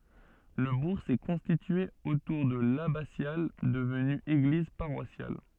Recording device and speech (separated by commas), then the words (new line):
soft in-ear microphone, read sentence
Le bourg s'est constitué autour de l'abbatiale devenue église paroissiale.